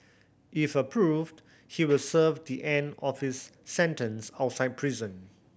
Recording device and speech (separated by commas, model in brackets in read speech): boundary microphone (BM630), read sentence